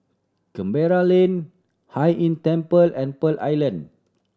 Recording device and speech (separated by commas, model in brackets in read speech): standing microphone (AKG C214), read sentence